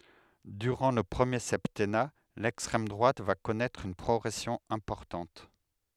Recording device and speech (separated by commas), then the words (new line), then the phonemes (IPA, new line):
headset microphone, read sentence
Durant le premier septennat, l'extrême droite va connaître une progression importante.
dyʁɑ̃ lə pʁəmje sɛptɛna lɛkstʁɛm dʁwat va kɔnɛtʁ yn pʁɔɡʁɛsjɔ̃ ɛ̃pɔʁtɑ̃t